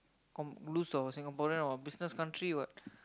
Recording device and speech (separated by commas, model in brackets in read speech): close-talking microphone, conversation in the same room